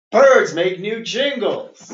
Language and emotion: English, sad